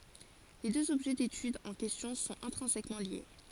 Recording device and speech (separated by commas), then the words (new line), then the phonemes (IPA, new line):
forehead accelerometer, read sentence
Les deux objets d'étude en question sont intrinsèquement liés.
le døz ɔbʒɛ detyd ɑ̃ kɛstjɔ̃ sɔ̃t ɛ̃tʁɛ̃sɛkmɑ̃ lje